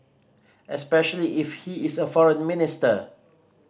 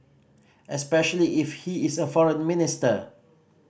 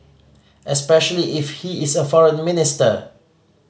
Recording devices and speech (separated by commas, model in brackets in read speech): standing microphone (AKG C214), boundary microphone (BM630), mobile phone (Samsung C5010), read sentence